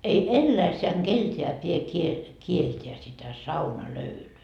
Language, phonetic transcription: Finnish, ei "elläisseäŋ 'Gelteä pie kie- , 'kielteä sitä "saunalöylyy .
- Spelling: ei eläissään keneltäkään pidä - kieltää sitä saunalöylyä

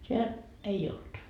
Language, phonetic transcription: Finnish, 'siel , 'ei olD .
- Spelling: siellä ei ollut

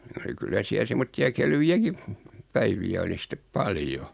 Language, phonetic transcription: Finnish, (ni) oli 'kyllä siäl 'semmotti₍a "kelvi₍äki , 'päivi₍ä oli 'sⁱttep "paljo .
- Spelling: niin oli kyllä siellä semmoisia kelvejäkin päiviä oli sitten paljon

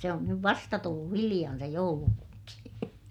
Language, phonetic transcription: Finnish, se on nyv vasta tullu hiliʲan se joulupukki .
- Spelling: se on nyt vasta tullut hiljan se joulupukki

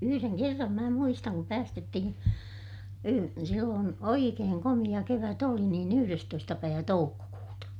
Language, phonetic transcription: Finnish, yhyreŋ kerram mää muistaŋ kup päästettihin , silloon , oikeeŋ komiʲa kevät ‿oli niin ‿yhyrestoista päivä toukkokuuta .
- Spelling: yhden kerran minä muistan kun päästettiin silloin oikein komea kevät oli niin yhdestoista päivä toukokuuta

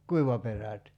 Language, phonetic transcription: Finnish, "kuivaperät .
- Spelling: kuivaperät

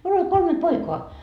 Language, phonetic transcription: Finnish, 'miul ‿ol 'kolme "poikoa .
- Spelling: minulla oli kolme poikaa

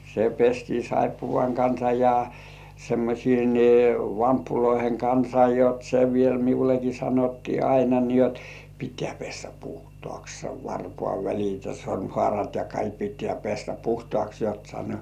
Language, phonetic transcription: Finnish, se pestii "saippuvaŋ 'kansa ja , semmośiin "vamppuloiheŋ 'kansa 'jot se 'viel 'miuleki sanottii "aina ni ‿jot 'pittᴇ̆ᴀ̈̀ pᴇssᴀ̈ "puhtŏàks sev 'varpŏàv"välit ja 'sorm"hŏàrat ja "kaik "pittĕä̀ pessä 'puhtŏàks jot sano .
- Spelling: se pestiin saippuan kanssa ja semmoisten vamppujen kanssa jotta se vielä minullekin sanottiin aina niin jotta pitää pestä puhtaaksi sen varpaanvälit ja sormihaarat ja kaikki pitää pestä puhtaaksi jotta sanoi

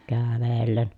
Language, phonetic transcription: Finnish, kääävellen .
- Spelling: kävellen

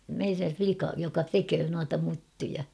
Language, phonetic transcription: Finnish, meirä̰ 'flika , joka "teköö nuata ('myttyjä) .
- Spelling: meidän likan joka tekee noita myttyjä

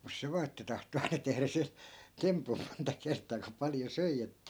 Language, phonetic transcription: Finnish, mus 'se vaa että 'tahto aina 'tehrä se , 'tempum 'monta 'kert̀aa ku 'paljo "söi että ,.
- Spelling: mutta se vain että tahtoi aina tehdä se tempun monta kertaa kun paljon söi että

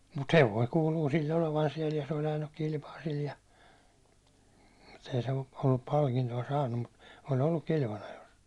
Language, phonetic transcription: Finnish, mut "hev̀oi 'kuuluu sill ‿olevan siɛl ja se oĺ ajannuk 'kilpaa sil ja , mut ‿ei se ol- ollup 'palkinto₍a 'saannum mut , o'l ‿olluk 'kilvanajos ,.
- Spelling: mutta hevonen kuuluu sillä olevan siellä ja se oli ajanutkin kilpaa sillä ja mutta ei se - ollut palkintoa saanut mutta oli ollut kilvanajossa

